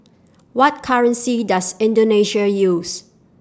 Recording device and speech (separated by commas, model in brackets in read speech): standing microphone (AKG C214), read sentence